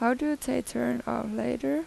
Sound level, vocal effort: 84 dB SPL, soft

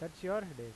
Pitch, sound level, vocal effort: 165 Hz, 89 dB SPL, normal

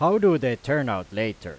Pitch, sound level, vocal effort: 115 Hz, 95 dB SPL, very loud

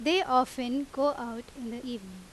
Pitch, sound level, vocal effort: 255 Hz, 88 dB SPL, loud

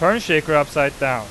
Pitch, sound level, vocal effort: 150 Hz, 97 dB SPL, loud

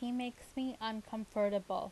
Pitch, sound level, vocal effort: 220 Hz, 83 dB SPL, normal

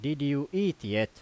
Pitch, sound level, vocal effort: 140 Hz, 91 dB SPL, very loud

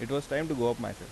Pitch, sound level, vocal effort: 120 Hz, 85 dB SPL, normal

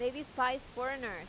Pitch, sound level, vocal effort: 255 Hz, 93 dB SPL, loud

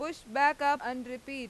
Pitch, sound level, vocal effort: 275 Hz, 97 dB SPL, loud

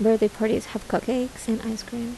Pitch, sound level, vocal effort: 225 Hz, 76 dB SPL, soft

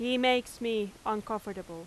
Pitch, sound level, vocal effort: 220 Hz, 90 dB SPL, very loud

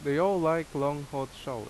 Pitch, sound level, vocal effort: 145 Hz, 87 dB SPL, loud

